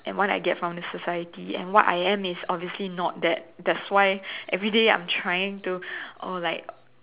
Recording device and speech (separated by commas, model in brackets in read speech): telephone, conversation in separate rooms